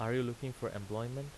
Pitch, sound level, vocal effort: 120 Hz, 85 dB SPL, normal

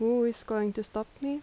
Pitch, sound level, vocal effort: 225 Hz, 81 dB SPL, soft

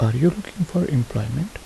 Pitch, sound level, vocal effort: 170 Hz, 72 dB SPL, soft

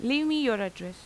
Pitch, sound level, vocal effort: 230 Hz, 89 dB SPL, normal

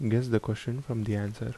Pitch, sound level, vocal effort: 115 Hz, 74 dB SPL, soft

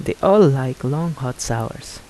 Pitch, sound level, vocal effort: 130 Hz, 81 dB SPL, soft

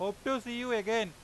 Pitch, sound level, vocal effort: 225 Hz, 98 dB SPL, loud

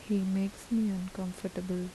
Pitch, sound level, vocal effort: 190 Hz, 77 dB SPL, soft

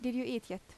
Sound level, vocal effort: 82 dB SPL, normal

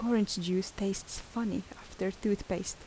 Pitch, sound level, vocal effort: 195 Hz, 76 dB SPL, soft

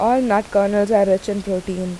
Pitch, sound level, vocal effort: 200 Hz, 85 dB SPL, normal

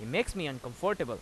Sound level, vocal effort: 91 dB SPL, loud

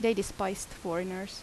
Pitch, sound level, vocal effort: 195 Hz, 80 dB SPL, normal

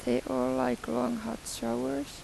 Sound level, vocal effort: 83 dB SPL, soft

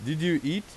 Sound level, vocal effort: 92 dB SPL, loud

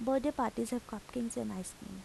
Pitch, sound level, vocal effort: 235 Hz, 79 dB SPL, soft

